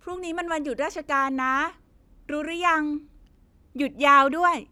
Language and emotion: Thai, happy